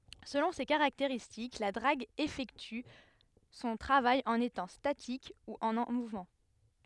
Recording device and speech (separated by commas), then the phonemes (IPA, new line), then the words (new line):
headset microphone, read sentence
səlɔ̃ se kaʁakteʁistik la dʁaɡ efɛkty sɔ̃ tʁavaj ɑ̃n etɑ̃ statik u ɑ̃ muvmɑ̃
Selon ses caractéristiques, la drague effectue son travail en étant statique ou en mouvement.